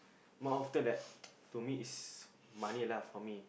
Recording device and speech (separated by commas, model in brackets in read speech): boundary microphone, conversation in the same room